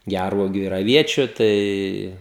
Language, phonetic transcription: Lithuanian, ˈgærvuogiu ir aˈviečiu ˈtai

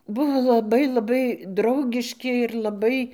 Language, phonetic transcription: Lithuanian, ˈbuvo laˈbai laˈbai ˈdraugiški ir laˈbai

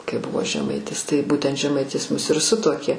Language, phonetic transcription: Lithuanian, kai ˈbuvo žeˈmaitis tai ˈbūtent žeˈmaitis ˈmus ir ˈsutuokė

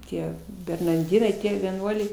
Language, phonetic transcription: Lithuanian, ˈtie bernarˈdinai ˈtie vieˈnuoliai

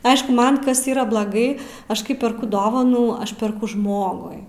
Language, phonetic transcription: Lithuanian, ˈaišku ˈman ˈkas ˈyra blaˈgai ˈaš ˈkai perˈku ˈdovanų ˈaš perˈku ˈžmogui

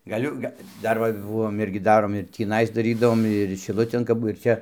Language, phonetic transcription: Lithuanian, gaˈliu ˈga ˈdar va ˈbuvom ˈirgi ˈdarom ir tįˈnais ˈdarydavom ir šiˈlutėn kap ˈbu ir ˈčia

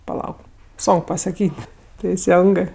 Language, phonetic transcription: Lithuanian, paˈlauk ˈsonk pasaˈkyt' teiˈsengɜ

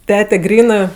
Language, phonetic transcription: Lithuanian, ˈtete ˈgrynɜ

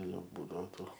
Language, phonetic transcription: Lithuanian, ˈjau ˈbūdavo ˈtų

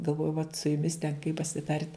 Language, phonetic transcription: Lithuanian, galˈvoju vat su juˈmis ten kai pasiˈtart'

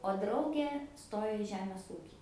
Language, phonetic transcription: Lithuanian, o ˈdraugė ˈstojo i ˈžemės ˈūkį

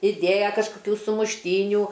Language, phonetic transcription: Lithuanian, iˈdėja kažkoˈkių sumušˈtynių

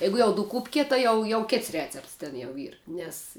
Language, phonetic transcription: Lithuanian, ˈjeigu jau duˈkūpki tai ˈjau jau ˈkėts ˈrecepts ten jau ˈyr nes

